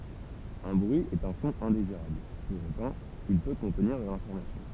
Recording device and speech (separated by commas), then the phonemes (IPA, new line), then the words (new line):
temple vibration pickup, read sentence
œ̃ bʁyi ɛt œ̃ sɔ̃ ɛ̃deziʁabl puʁ otɑ̃ il pø kɔ̃tniʁ də lɛ̃fɔʁmasjɔ̃
Un bruit est un son indésirable, pour autant, il peut contenir de l'information.